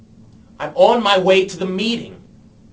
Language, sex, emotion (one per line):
English
male
angry